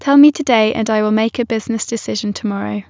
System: none